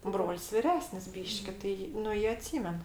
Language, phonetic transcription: Lithuanian, ˈbrol's' viˈresnis ˈbyški ˈtai ˈnu ˈjie aˈtsymen

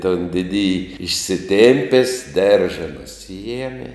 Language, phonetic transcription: Lithuanian, ton ˈdidiji išsiˈtėmpės ˈderža nuˈsijemi

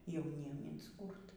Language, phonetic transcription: Lithuanian, jauˈniem insˈkūrt

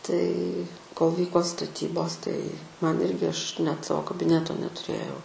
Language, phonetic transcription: Lithuanian, tai kol ˈvyko staˈtybos tai ˈman ˈirgi ˈaš net ˈsavo kabiˈneto netuˈrėjau

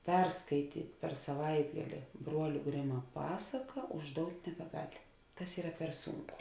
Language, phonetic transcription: Lithuanian, ˈperskaityt' per saˈvaitgali ˈbruoliu ˈgrima ˈpasaka užˈdout' nebeˈgal' ˈtas ˈyra per ˈsūnˌku

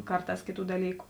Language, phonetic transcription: Lithuanian, ˈkarˌtās ˈkėˌtų daˈlyku

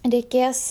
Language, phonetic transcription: Lithuanian, reiˈkės

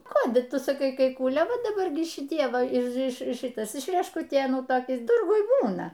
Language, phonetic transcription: Lithuanian, ˈkodiˈtu saˈkai kai ˈkūlė ˈva daˈbar gi šiˈtie ˈva iš iš ˈšɨtas iš reškuˈtėnų ˈtokis ˈturguj ˈbūna

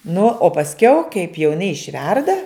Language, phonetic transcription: Lithuanian, nu o pasˈkiau kaip jau iˈnai išˈverda

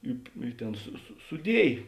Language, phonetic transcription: Lithuanian, ˈi i ˈtėn su su suˈdiej

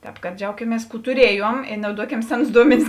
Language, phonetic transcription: Lithuanian, ˈtēp kad ˈdžiaukimies ˈkų tuˈriejuom ir nauˈduokem ˈseˌnus ˈduomenis

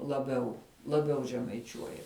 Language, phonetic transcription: Lithuanian, laˈbiau laˈbiau žemaiˈčiuoja

